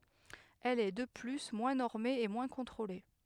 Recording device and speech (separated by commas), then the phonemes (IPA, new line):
headset microphone, read sentence
ɛl ɛ də ply mwɛ̃ nɔʁme e mwɛ̃ kɔ̃tʁole